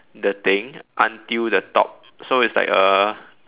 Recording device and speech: telephone, conversation in separate rooms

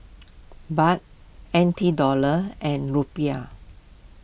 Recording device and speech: boundary microphone (BM630), read sentence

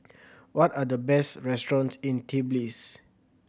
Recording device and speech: boundary microphone (BM630), read sentence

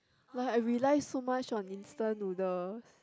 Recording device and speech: close-talking microphone, conversation in the same room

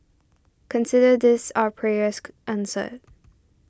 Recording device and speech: standing microphone (AKG C214), read sentence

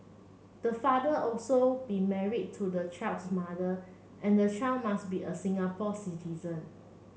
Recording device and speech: mobile phone (Samsung C7), read sentence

